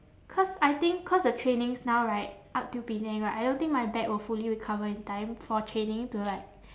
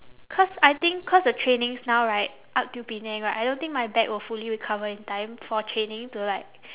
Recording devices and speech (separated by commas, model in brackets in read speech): standing microphone, telephone, conversation in separate rooms